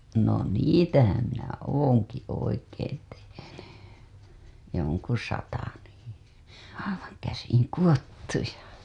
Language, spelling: Finnish, no niitähän minä olenkin oikein tehnyt jonkun sata niin aivan käsin kudottuja
- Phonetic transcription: no niitähäm minä "ooŋki 'oikeen tehenY , 'joŋku sata nii , aivaŋ 'käsiŋ "kuWottuja .

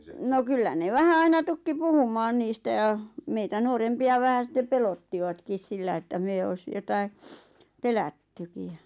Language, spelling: Finnish, no kyllä ne vähän aina tukki puhumaan niistä ja meitä nuorempia vähän sitten pelottivatkin sillä että me olisi jotakin pelättykin ja
- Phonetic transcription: no "kyllä ne 'vähä 'aina 'tukki "puhum̆maan 'niistä ʲa , meitä 'nuorempi₍a vähä sⁱtte 'pelottivatkis sillä että 'mè ois , 'jotai , "pelättyki ja ,.

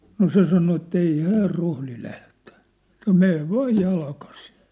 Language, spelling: Finnish, no se sanoi että ei hän rohdi lähteä että menee vain jalkaisin
- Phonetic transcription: no "se sano et't‿ » ei "häär "rohli 'lähtᴀ̈ « , ᵉt̀ä̀ » "me̳e̳v "vaaj "jalkasɪɴ ! «

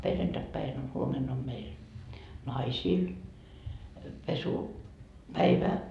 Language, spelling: Finnish, perjantaipäivänä on huomenna on meillä naisilla - pesupäivä
- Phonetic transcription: 'perjantakpäin ‿o 'huomen ‿om meil , "naisiil , pesu- , 'päivä .

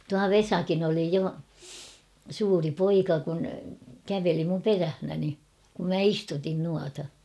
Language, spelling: Finnish, tuo Vesakin oli jo suuri poika kun käveli minun perässäni kun minä istutin noita
- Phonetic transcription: 'tua "Vesakin ‿oli 'jo , 'suuri "poika kun , 'käveli mum "perähnäni , kum 'mä "istutin nuata .

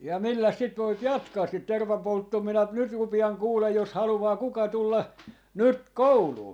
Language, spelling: Finnish, ja milläs sitä voi jatkaa sitä tervanpolttoa minä - nyt rupean kuule jos haluaa kuka tulla nyt kouluun
- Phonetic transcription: jà 'milläs sit voip "jatkaas sit "tervampolttoo minä ‿p- , nyt 'rupi₍aŋ 'kuulej jos 'haluwaa 'kuka 'tulla , 'nyt "kouluu .

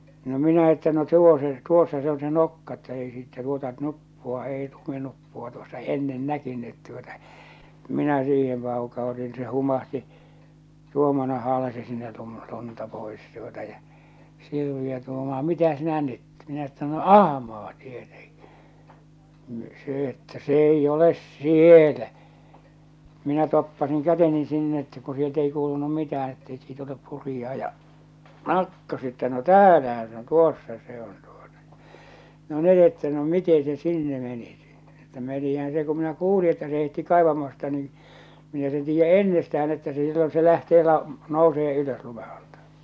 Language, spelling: Finnish, no minä että no tuo se tuossa se on se nokka että ei siitä tuota nuppua ei luminuppua tuossa ennen näkynyt tuota minä siihen paukautin no se humahti tuon minä haalasin sinne - lunta pois tuota ja Sirviö tuumaa mitä sinä nyt minä että no ahmaa tietenkin niin se että se ei ole siellä minä toppasin käteni sinne että kun sieltä ei kuulunut mitään että eikö siitä ole purijaa ja katsoi se että no täällähän se on tuossa se on tuota ja no ne että no miten se sinne meni - että no menihän se kun minä kuulin että se heitti kaivamasta niin minä sen tiedän ennestään että se silloin se lähtee - nousee ylös lumen alta
- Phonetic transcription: no minä että no 'tuo se , 'tuossa se on se 'nokka että ei siittä tuota 'nuppua ei luminuppua tuossa "ennen 'näkynnyt tuota , minä siihem pauka₍utin ⁿⁱ se humahti (tuom minä) haalasi sinne lum- lunta pois tuota ja , 'Sirviö tuumaa » 'mitä 'sinä 'nyt « , minä että no » "ahmaa tieteŋkɪ « , ni , 'se ‿että » se 'eij ‿oles "sielä « , minä toppasiŋ 'käteni 'sinn ‿että ku sielt ‿ei 'kuulunum 'mitä₍än etteik siit olep 'purijaa ja , 'kàtto se että » no "täälähä se ‿oⁿ "tuossa se ‿on tuota ᴊᴀ « , 'no 'ne että » no 'mite se "sinne 'meni « si- , että » no menihän se ku minä 'kuuli että se heitti 'kàḙvamasta ni , minä sen tiijjä "ennestä₍än ‿että se sillon se lähtee la- , 'nousee ylös lume ᴀʟtᴀ « .

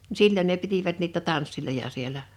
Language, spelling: Finnish, no silloin ne pitivät niitä tansseja siellä
- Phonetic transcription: nⁱ 'sil͕l͕ən ne 'pitivät niitä 'tanssiloja 'sielä .

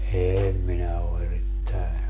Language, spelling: Finnish, en minä ole erittäin
- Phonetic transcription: 'eem minä o 'erittäi .

